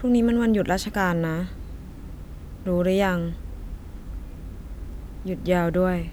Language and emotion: Thai, frustrated